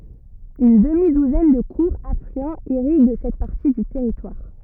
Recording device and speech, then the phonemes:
rigid in-ear microphone, read sentence
yn dəmi duzɛn də kuʁz aflyɑ̃z iʁiɡ sɛt paʁti dy tɛʁitwaʁ

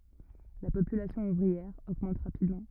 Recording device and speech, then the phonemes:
rigid in-ear microphone, read sentence
la popylasjɔ̃ uvʁiɛʁ oɡmɑ̃t ʁapidmɑ̃

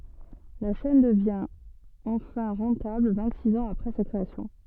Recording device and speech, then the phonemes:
soft in-ear microphone, read sentence
la ʃɛn dəvjɛ̃ ɑ̃fɛ̃ ʁɑ̃tabl vɛ̃ɡtsiks ɑ̃z apʁɛ sa kʁeasjɔ̃

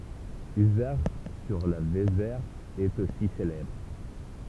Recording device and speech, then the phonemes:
temple vibration pickup, read sentence
yzɛʁʃ syʁ la vezɛʁ ɛt osi selɛbʁ

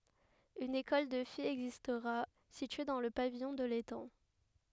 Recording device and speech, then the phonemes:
headset microphone, read sentence
yn ekɔl də fijz ɛɡzistʁa sitye dɑ̃ lə pavijɔ̃ də letɑ̃

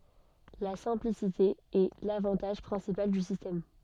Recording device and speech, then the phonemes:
soft in-ear microphone, read sentence
la sɛ̃plisite ɛ lavɑ̃taʒ pʁɛ̃sipal dy sistɛm

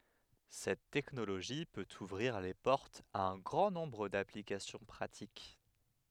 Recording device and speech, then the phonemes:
headset microphone, read sentence
sɛt tɛknoloʒi pøt uvʁiʁ le pɔʁtz a œ̃ ɡʁɑ̃ nɔ̃bʁ daplikasjɔ̃ pʁatik

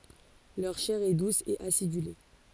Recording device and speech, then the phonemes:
forehead accelerometer, read sentence
lœʁ ʃɛʁ ɛ dus e asidyle

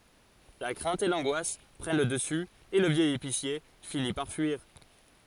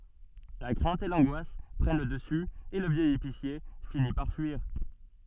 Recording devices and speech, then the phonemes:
forehead accelerometer, soft in-ear microphone, read sentence
la kʁɛ̃t e lɑ̃ɡwas pʁɛn lə dəsy e lə vjɛj episje fini paʁ fyiʁ

